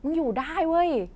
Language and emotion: Thai, happy